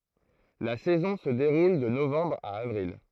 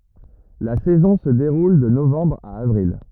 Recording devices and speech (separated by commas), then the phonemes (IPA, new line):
throat microphone, rigid in-ear microphone, read sentence
la sɛzɔ̃ sə deʁul də novɑ̃bʁ a avʁil